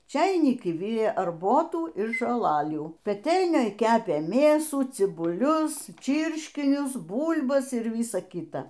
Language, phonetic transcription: Lithuanian, ˈčeiniki ˈvirė arˈbotų ir žoˈlalių peˈtelnioj ˈkepė ˈmėsų cibuˈlius ˈčyrškinius ˈbūl'bas ir ˈvysa ˈkyta

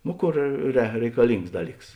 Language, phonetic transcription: Lithuanian, ˈno ˈkor re reikaˈlings ˈdaˌlyks

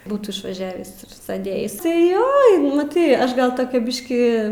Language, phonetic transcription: Lithuanian, ˈbūtų išvaˈžiavįs ir ˈsedėjis tai ˈjo maˈtai ˈaš gal ˈtokia ˈbiškį

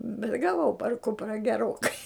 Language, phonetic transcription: Lithuanian, bet gaˈvau par ˈkupra geˈrokai

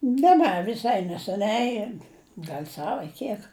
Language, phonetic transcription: Lithuanian, ne ˈne viˈsai neseˈniai ˈgal' ˈsav a ˈkiek

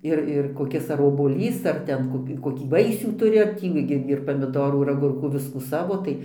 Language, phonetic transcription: Lithuanian, ˈir ir koˈkis ar obuoˈlys ar ˈten ˈkoki koˈkį ˈvaisių ˈturi ar ˈtį gi ir pamiˈdorų ir aˈgurkų ˈviskų ˈsavo tai

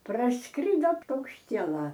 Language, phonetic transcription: Lithuanian, prasˈkrido paukšˈtiela

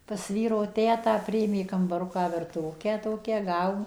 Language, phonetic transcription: Lithuanian, pas ˈvyro ˈtetą ˈpriėmė kambaˈruką virtuˈvukę ˈtokią ˈgavom

